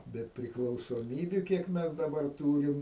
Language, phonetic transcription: Lithuanian, ˈbet priklausoˈmybiu ˈkiek ˈmes daˈbar ˈtūrim

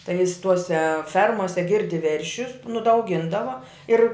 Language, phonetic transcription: Lithuanian, tai jis ˈtuose ˈfermose ˈgirdi ˈveršius nu da auˈgindava ˈir

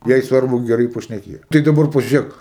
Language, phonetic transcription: Lithuanian, ˈjai ˈsvarbu geˈrai pašneˈkėja ˈtai daˈbar pažiuˈrėk

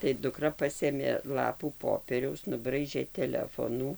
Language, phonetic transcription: Lithuanian, tai duˈkra ˈpasėmė ˈlapų ˈpopieriaus nuˈbraižė teˈlefonų

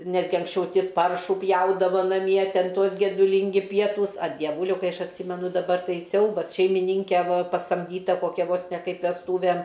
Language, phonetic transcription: Lithuanian, ˈnesgi anksˈčiau ˈti ˈparšų ˈpjaudava naˈmie ˈten ˈtuos geduˈlingi ˈpietūs a dieˈvūliau ˈkai ˈaš atˈsymenu daˈbar ˈtai ˈsiaubas šeimiˈnynke ˈva pasamˈdyta koˈkia vos ne ˈkaip vesˈtūvem

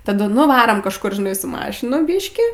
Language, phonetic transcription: Lithuanian, taˈdu nu vaˈrom kažˈkur žiˈnai su ˈmašinu ˈbyškį

